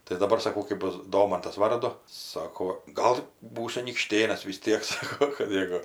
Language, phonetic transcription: Lithuanian, tai daˈbar saˈkau kɜp ˈbus ˈdomantas ˈvardu ˈsako ˈgal ˈbūsiu anykˈštėnas vis ˈtiek ˈsako kap mieˈgu

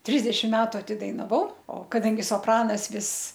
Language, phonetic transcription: Lithuanian, ˈtrisdešim ˈmetu atidainaˈvau o kaˈdangi sopˈranas ˈvis

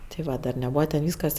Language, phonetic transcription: Lithuanian, ti ˈva dar neˈbūva ten ˈvyskas

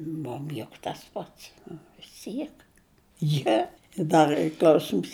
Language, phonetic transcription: Lithuanian, ˈmum juk tas ˈpats vis ˈtiek ˈjie i ˈdar ˈy ˈkl'ausims

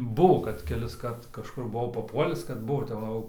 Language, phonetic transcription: Lithuanian, ˈbuvo kad kelisˈkart kažˈkur buˈvau paˈpuolis kad ˈbuvo tep ˈva jau

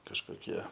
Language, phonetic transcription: Lithuanian, kažkoˈkie

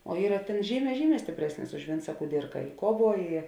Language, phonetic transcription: Lithuanian, o ˈyra ˈtėn ˈžyˌmē ˈžyˌmē stipˈresnis už ˈvinca kuˈdirka i ˈkuoˌvuo i

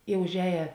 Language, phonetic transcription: Lithuanian, i užˈēja

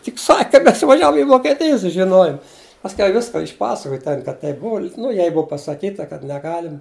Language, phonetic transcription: Lithuanian, tik ˈsak' ka ˈmes ivaˈžiavom i vokeˈtij sužiˈnojum pasˈkiau ˈviska išˈpasakoj ˈten kad ˈteip ˈbuu nu ˈjai ˈbuu pasaˈkyta kad neˈgalima

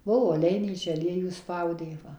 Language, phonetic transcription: Lithuanian, ˈbuvo aˈleinyčia aˈliejų ˈspaudė ˈva

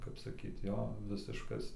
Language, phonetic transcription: Lithuanian, kap saˈkyt ˈjo ˈvisiškas

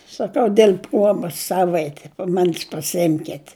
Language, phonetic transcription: Lithuanian, saˈkau diel' ˈpruobas ˈsavaiti paˈmanis pasiˈimket'

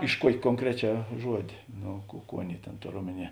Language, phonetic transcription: Lithuanian, iš ˈkuokė konˈkreˌčiā ˈžuodė ˈno ˈkų ˈkų ˈaˌnėi ˈtėn ˈtor ˈomeˌnie

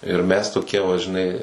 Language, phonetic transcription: Lithuanian, ir mes toˈkie va žiˈnai

